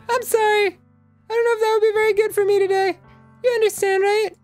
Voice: Falsetto